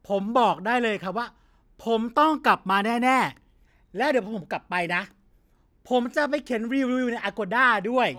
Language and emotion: Thai, happy